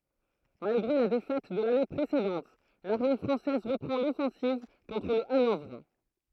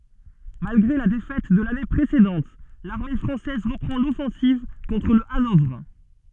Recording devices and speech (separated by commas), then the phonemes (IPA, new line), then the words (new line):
throat microphone, soft in-ear microphone, read sentence
malɡʁe la defɛt də lane pʁesedɑ̃t laʁme fʁɑ̃sɛz ʁəpʁɑ̃ lɔfɑ̃siv kɔ̃tʁ lə anɔvʁ
Malgré la défaite de l’année précédente, l’armée française reprend l’offensive contre le Hanovre.